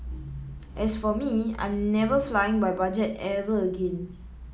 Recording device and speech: mobile phone (iPhone 7), read sentence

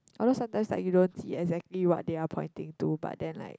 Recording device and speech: close-talking microphone, conversation in the same room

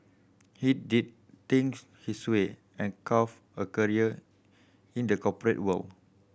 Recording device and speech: boundary microphone (BM630), read sentence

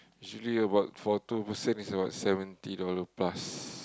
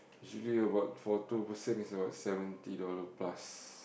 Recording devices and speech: close-talking microphone, boundary microphone, conversation in the same room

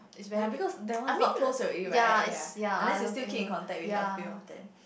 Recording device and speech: boundary microphone, conversation in the same room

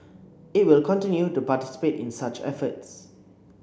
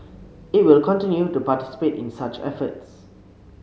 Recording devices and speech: boundary microphone (BM630), mobile phone (Samsung C7), read sentence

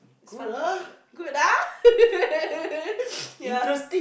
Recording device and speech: boundary microphone, conversation in the same room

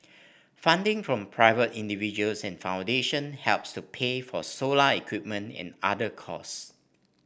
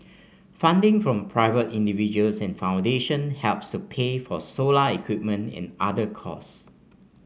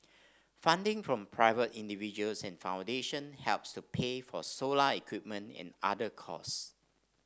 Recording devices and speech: boundary microphone (BM630), mobile phone (Samsung C5), standing microphone (AKG C214), read sentence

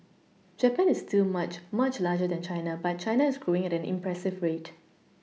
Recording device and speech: mobile phone (iPhone 6), read sentence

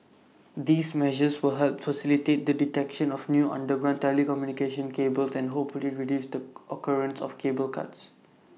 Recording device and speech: mobile phone (iPhone 6), read sentence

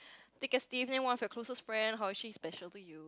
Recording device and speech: close-talking microphone, conversation in the same room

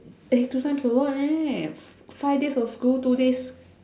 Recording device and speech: standing microphone, conversation in separate rooms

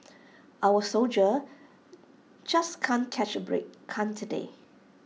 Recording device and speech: mobile phone (iPhone 6), read sentence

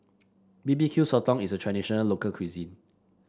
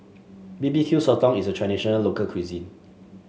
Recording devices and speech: standing microphone (AKG C214), mobile phone (Samsung S8), read sentence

